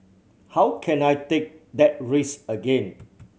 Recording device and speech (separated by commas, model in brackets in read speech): mobile phone (Samsung C7100), read sentence